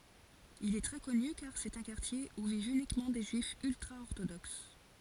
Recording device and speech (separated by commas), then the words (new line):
forehead accelerometer, read sentence
Il est très connu car c’est un quartier où vivent uniquement des Juifs ultra-orthodoxes.